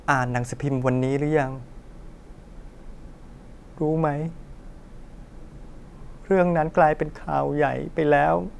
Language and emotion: Thai, sad